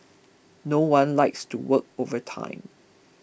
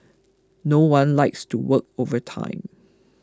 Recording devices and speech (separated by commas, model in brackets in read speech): boundary microphone (BM630), close-talking microphone (WH20), read sentence